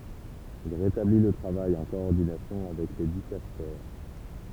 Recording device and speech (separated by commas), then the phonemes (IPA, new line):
temple vibration pickup, read sentence
il ʁetabli lə tʁavaj ɑ̃ kɔɔʁdinasjɔ̃ avɛk le dikastɛʁ